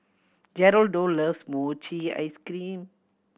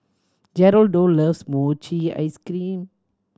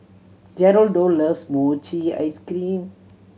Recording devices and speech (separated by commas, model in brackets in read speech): boundary microphone (BM630), standing microphone (AKG C214), mobile phone (Samsung C7100), read sentence